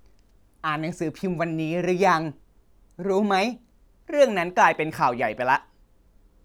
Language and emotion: Thai, neutral